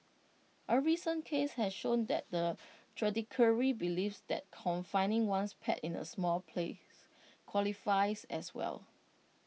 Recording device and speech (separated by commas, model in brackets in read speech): mobile phone (iPhone 6), read sentence